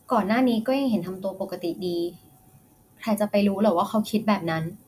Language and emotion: Thai, neutral